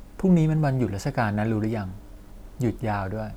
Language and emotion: Thai, neutral